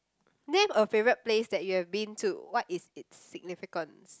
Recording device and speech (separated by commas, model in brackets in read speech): close-talking microphone, conversation in the same room